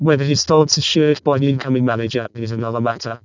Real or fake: fake